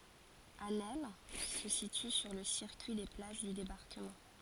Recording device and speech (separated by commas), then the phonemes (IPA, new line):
forehead accelerometer, read sentence
asnɛl sə sity syʁ lə siʁkyi de plaʒ dy debaʁkəmɑ̃